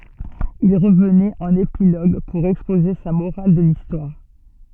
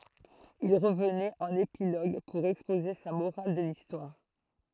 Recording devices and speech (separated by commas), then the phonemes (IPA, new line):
soft in-ear microphone, throat microphone, read sentence
il ʁəvnɛt ɑ̃n epiloɡ puʁ ɛkspoze sa moʁal də listwaʁ